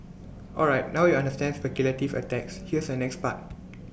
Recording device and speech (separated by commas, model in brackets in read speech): boundary microphone (BM630), read sentence